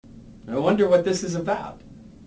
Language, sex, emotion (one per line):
English
male
neutral